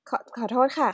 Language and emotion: Thai, sad